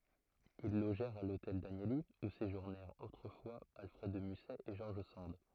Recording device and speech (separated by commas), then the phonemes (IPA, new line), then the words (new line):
throat microphone, read sentence
il loʒɛʁt a lotɛl danjəli u seʒuʁnɛʁt otʁəfwa alfʁɛd də mysɛ e ʒɔʁʒ sɑ̃d
Ils logèrent à l'Hôtel Danieli, où séjournèrent autrefois Alfred de Musset et George Sand.